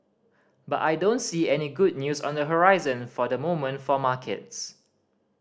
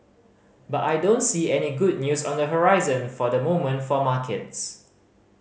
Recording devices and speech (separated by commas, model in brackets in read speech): standing microphone (AKG C214), mobile phone (Samsung C5010), read sentence